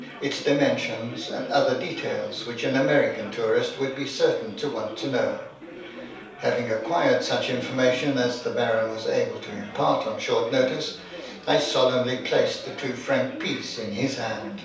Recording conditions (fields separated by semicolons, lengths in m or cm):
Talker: one person; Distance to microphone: 3.0 m; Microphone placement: far; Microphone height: 1.8 m; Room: small (3.7 m by 2.7 m); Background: babble